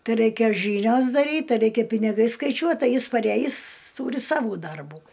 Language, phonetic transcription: Lithuanian, ˈtai ˈraikia ˈžynios daˈryt ˈtai ˈreikia piniˈgai skaiˈčiuot ˈtai ˈjis paˈræjis tūri ˈsavų ˈdarbų

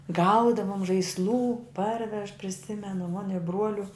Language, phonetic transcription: Lithuanian, ˈgaudavom žaisˈlų ˈparvež priˈsimenu mon' i ˈbruoliu

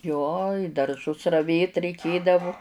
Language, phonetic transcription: Lithuanian, ˈjo i darˈžus raˈvėt reiˈkėdavu

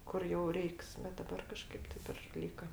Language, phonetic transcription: Lithuanian, ˈkur jau ˈreiks bet daˈbar kaˈžkaip ˈtip ir ˈlyka

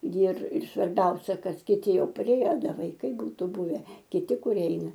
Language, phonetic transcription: Lithuanian, jir ir svarˈbiausia ˈkad kiˈti ˈjau paˈrėje ˈda vaiˈkai ˈbūtu ˈbuve kiˈti kuˈrie ˈeina

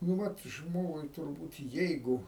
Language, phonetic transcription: Lithuanian, nu ˈvat ˈžmogui turˈbūt ˈjeigu

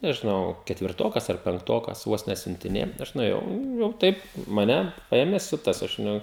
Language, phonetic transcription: Lithuanian, nežiˈnau ketvirˈtokas ar penkˈtokas ˈvos nesiuntiˈnėja ˈaš nuėˈjau jau ˈtaip maˈne ˈpaėmė ˈsiutas aš ˈnu

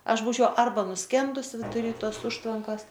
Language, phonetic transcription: Lithuanian, ˈaš ˈbūčiau ˈarba nuˈskendus viduˈry ˈtos ˈužtvankas

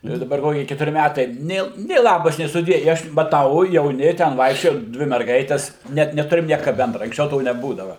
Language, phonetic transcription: Lithuanian, jau i daˈbar ˈkoki ketuˈri ˈmætai ˈnė nė ˈlabas nė suˈdie i ˈaš maˈtau jauˈni ten ˈvaikščioja ˈdvi merˈgaites net neˈturim ˈnieka ˈbendra anksˈčiau ˈto neˈbūdava

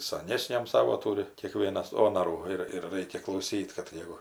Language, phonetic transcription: Lithuanian, saˈnesniam ˈsavo ˈtūri kieˈkvienas ˈonarų ˈir ir ˈraikia klauˈsyt kad ˈjeigu

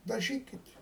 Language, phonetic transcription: Lithuanian, daˈžykit

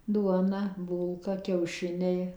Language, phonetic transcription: Lithuanian, ˈduona ˈbūlka kiauˈšiniai

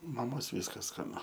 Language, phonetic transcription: Lithuanian, maˈmos ˈvyskas skaˈnu

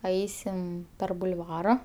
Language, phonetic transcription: Lithuanian, ˈaisim per bulˈvara

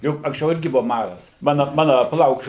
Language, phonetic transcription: Lithuanian, ˈjuk anksˈčiau ˈirgi buva ˈmaras ˈmana ˈmana paˈlauk

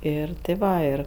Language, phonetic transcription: Lithuanian, ˈir ti ˈva ˈir

